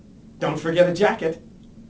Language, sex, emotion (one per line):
English
male
neutral